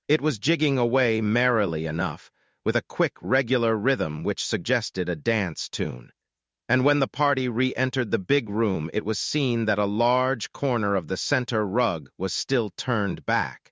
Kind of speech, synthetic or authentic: synthetic